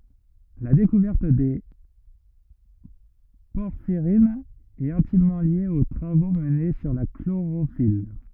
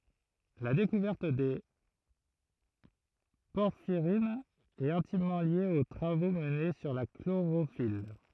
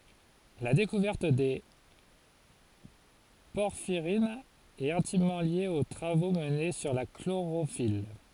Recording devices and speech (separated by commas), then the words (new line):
rigid in-ear microphone, throat microphone, forehead accelerometer, read sentence
La découverte des porphyrines est intimement liée aux travaux menés sur la chlorophylle.